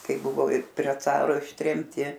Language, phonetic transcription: Lithuanian, ˈkai ˈbuvo ir prie ˈcaro ištremˈti

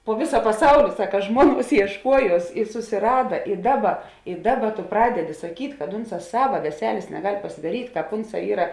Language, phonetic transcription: Lithuanian, po ˈvisa paˈsauli ˈsaka ˈžmuoˌnuos iešˈkuojuos i susiˈrada i ˈdaˌba i ˈdaˌba tu ˈpradeˌdi saˈkyt' kad ˈunˌsā ˈsava veˈselės neˈgal' pasidaˈryt' ˈkāp ˈunˌsā ˈyra

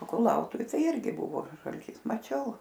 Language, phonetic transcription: Lithuanian, o kuˈlautuvi ˈtai ˈirgi ˈbuvo žalˈtys maˈčiau

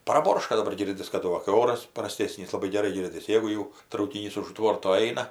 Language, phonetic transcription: Lithuanian, praˈborška daˈbar ˈgirdis kaˈdu va kai ˈoras praˈstėsnys laˈbai geˈrai ˈgirdis ˈjėgu jau traukiˈnys už ˈtvorto ˈaina

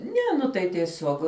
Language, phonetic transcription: Lithuanian, ˈne nu ˈtai tieˈsiog

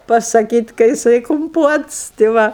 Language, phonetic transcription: Lithuanian, pasaˈkyt' ka jiˈsai kumˈpuots ti ˈva

